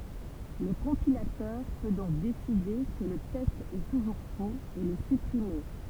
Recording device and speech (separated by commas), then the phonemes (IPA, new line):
temple vibration pickup, read sentence
lə kɔ̃pilatœʁ pø dɔ̃k deside kə lə tɛst ɛ tuʒuʁ foz e lə sypʁime